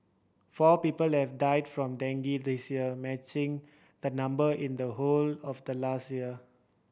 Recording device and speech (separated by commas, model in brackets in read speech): boundary microphone (BM630), read sentence